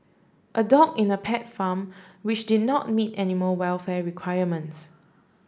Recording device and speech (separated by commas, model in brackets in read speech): standing microphone (AKG C214), read sentence